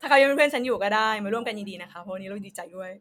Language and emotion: Thai, happy